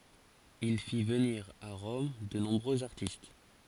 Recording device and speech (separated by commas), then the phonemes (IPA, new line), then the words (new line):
forehead accelerometer, read sentence
il fi vəniʁ a ʁɔm də nɔ̃bʁøz aʁtist
Il fit venir à Rome de nombreux artistes.